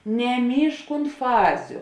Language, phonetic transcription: Lithuanian, neˈmyžk unt ˈfaziu

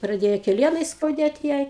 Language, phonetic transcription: Lithuanian, praˈdėja keˈlienai skauˈdėt ˈjai

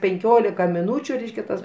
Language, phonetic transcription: Lithuanian, penˈkiolika miˈnūčiu ˈreiškia tas

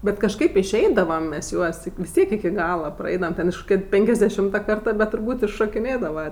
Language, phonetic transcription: Lithuanian, bet kažˈkaip išˈeidavam mes ˈjuos vis ˈtiek iki ˈgala praˈeidavam ˈten iš koˈkia ˈpenkiasˌdešimta ˈkarta bet turˈbūt' iššokiˈnėdava

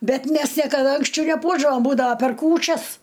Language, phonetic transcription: Lithuanian, ˈbet ˈmæs niekaˈda anksˈčiau neˈpuošdavom ˈbūdava per ˈkūčias

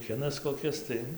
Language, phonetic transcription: Lithuanian, ˈkinas koˈkis tai

